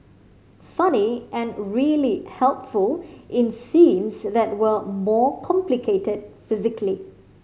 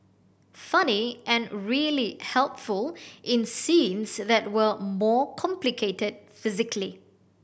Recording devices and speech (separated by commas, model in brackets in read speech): mobile phone (Samsung C5010), boundary microphone (BM630), read sentence